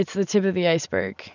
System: none